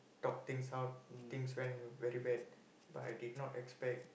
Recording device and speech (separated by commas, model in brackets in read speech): boundary microphone, conversation in the same room